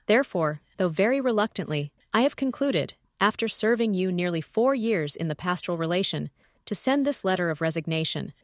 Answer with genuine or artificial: artificial